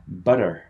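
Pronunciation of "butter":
'Butter' is said in American English: the t sounds like a short d, and the r at the end is heard.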